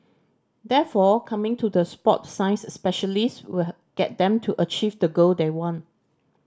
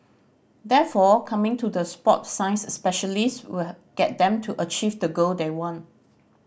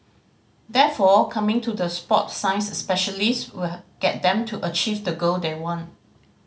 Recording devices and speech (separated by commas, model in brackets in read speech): standing microphone (AKG C214), boundary microphone (BM630), mobile phone (Samsung C5010), read sentence